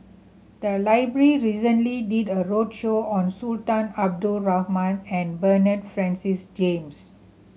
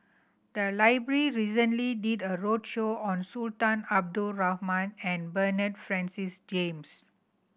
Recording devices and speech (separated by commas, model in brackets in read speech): mobile phone (Samsung C7100), boundary microphone (BM630), read sentence